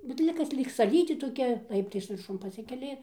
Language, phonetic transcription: Lithuanian, bet ˈlig kas ˈlyg saˈlytė toˈkia ˈlaiptais virˈšun paˈsikeli

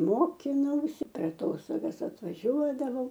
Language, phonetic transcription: Lithuanian, ˈmokinausi per aˈtostogas atvaˈžiuodavau

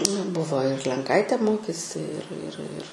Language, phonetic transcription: Lithuanian, na ˈbuvo ir lenˈkaitė ˈmokėsi ir ir ir

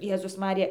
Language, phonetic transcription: Lithuanian, ˈjėzus ˈmarija

